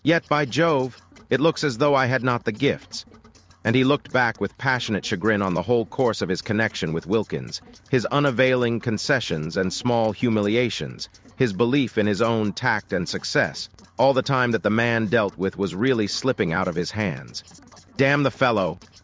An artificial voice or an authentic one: artificial